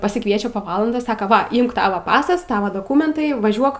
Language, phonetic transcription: Lithuanian, pasikˈviečia po ˈvalandos ˈsaka ˈva ˈimk ˈtava ˈpasas ˈtava doˈkūmentai ˈvažiuok

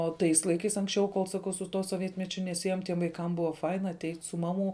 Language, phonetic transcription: Lithuanian, o ˈtais laiˈkais anksˈčiau kol saˈkau su ˈtuo soˈvietmečiu neˈsiejom tiem vaiˈkam ˈbuvo ˈfaina aˈteit' su ˈmaˌmų

